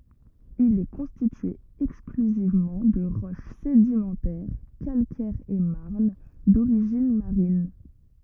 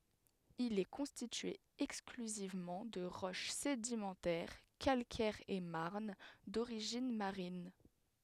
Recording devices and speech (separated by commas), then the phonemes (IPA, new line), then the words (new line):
rigid in-ear microphone, headset microphone, read sentence
il ɛ kɔ̃stitye ɛksklyzivmɑ̃ də ʁɔʃ sedimɑ̃tɛʁ kalkɛʁz e maʁn doʁiʒin maʁin
Il est constitué exclusivement de roche sédimentaire, calcaires et marnes, d’origines marines.